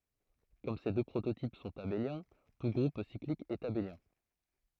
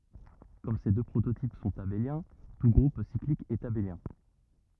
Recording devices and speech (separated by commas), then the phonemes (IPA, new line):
throat microphone, rigid in-ear microphone, read sentence
kɔm se dø pʁototip sɔ̃t abeljɛ̃ tu ɡʁup siklik ɛt abeljɛ̃